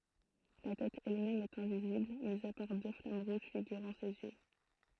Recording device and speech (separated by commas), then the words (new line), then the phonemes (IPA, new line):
throat microphone, read sentence
La tête elle-même est invisible, mis à part deux flammes rouges figurant ses yeux.
la tɛt ɛlmɛm ɛt ɛ̃vizibl mi a paʁ dø flam ʁuʒ fiɡyʁɑ̃ sez jø